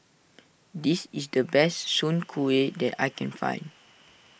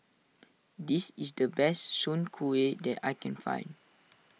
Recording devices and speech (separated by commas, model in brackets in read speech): boundary microphone (BM630), mobile phone (iPhone 6), read sentence